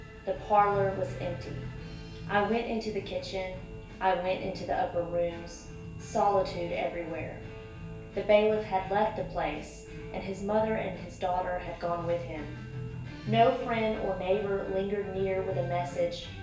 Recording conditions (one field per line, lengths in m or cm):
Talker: one person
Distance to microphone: 1.8 m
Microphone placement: close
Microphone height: 1.0 m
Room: large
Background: music